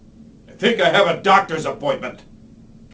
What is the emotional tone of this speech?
angry